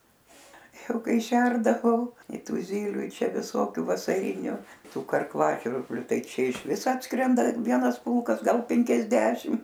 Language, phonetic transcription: Lithuanian, ˈjau ˈkai ˈšerdavau i ˈtu ˈzyliu i ˈčia viˈsokių vasaˈriniu ˈtų karˈklažvirbliu ˈtai ˈčia išˈvis ˈatskrenda ˈvienas ˈpulkas ˈgal penkiasˈdešim

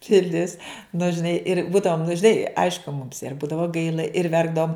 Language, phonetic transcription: Lithuanian, piˈlis nu žiˈnai ir ˈbūdavom nu žiˈnai ˈaišku mums ir ˈbūdavo ˈgaila ir ˈverkdavom

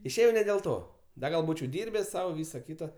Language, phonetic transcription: Lithuanian, išˈėjau ne dėl ˈto ˈda gal ˈbūčiau ˈdyrbes ˈsau ˈvysa ˈkyta

